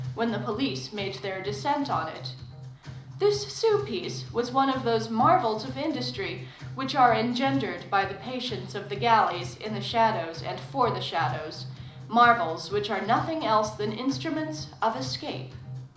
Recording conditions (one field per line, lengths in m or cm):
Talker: one person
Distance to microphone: 2.0 m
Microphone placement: close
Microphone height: 99 cm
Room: medium-sized (5.7 m by 4.0 m)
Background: music